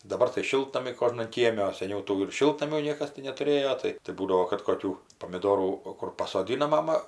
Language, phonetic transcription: Lithuanian, daˈbar tai ˈšiltnamiai ˈkožnan ˈkieme o seˈniau ˈtų ir ˈšiltnamių ˈniekas ti netuˈrėjo ˈtai tai ˈbūdavo kad koˈkių pomiˈdorų o ˈkur pasoˈdina ˈmama

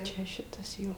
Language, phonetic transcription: Lithuanian, ˈčia ˈšitas ˈjo

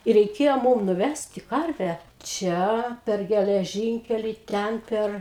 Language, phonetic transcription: Lithuanian, i reiˈkėjo ˈmūm nuˈvæsti ˈkarvę ˈčia per geleˈžinkelį ˈten ˈper

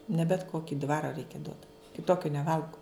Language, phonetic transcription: Lithuanian, ne bet ˈkoki ˈdvaro ˈreikia duot kiˈtokiu neˈvalgu

